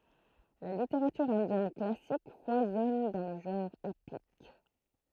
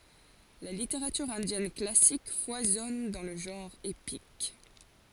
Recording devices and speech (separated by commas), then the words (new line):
throat microphone, forehead accelerometer, read sentence
La littérature indienne classique foisonne dans le genre épique.